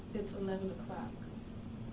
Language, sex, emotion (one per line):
English
female
neutral